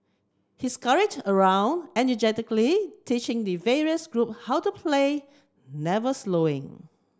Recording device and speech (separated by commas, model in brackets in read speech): close-talking microphone (WH30), read sentence